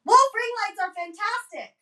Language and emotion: English, neutral